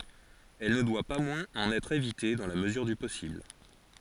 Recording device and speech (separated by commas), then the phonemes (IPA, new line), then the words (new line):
forehead accelerometer, read sentence
ɛl nə dwa pa mwɛ̃z ɑ̃n ɛtʁ evite dɑ̃ la məzyʁ dy pɔsibl
Elle ne doit pas moins en être évitée dans la mesure du possible.